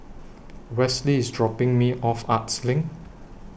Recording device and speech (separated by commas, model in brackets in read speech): boundary microphone (BM630), read sentence